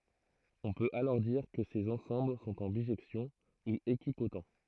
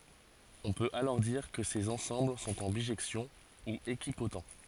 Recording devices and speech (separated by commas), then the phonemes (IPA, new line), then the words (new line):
throat microphone, forehead accelerometer, read sentence
ɔ̃ pøt alɔʁ diʁ kə sez ɑ̃sɑ̃bl sɔ̃t ɑ̃ biʒɛksjɔ̃ u ekipot
On peut alors dire que ces ensembles sont en bijection, ou équipotents.